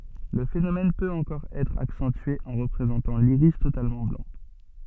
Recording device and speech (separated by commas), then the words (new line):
soft in-ear microphone, read sentence
Le phénomène peut encore être accentué en représentant l'iris totalement blanc.